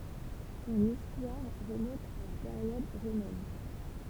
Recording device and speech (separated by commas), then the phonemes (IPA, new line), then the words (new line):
temple vibration pickup, read sentence
sɔ̃n istwaʁ ʁəmɔ̃t a la peʁjɔd ʁomɛn
Son histoire remonte à la période romaine.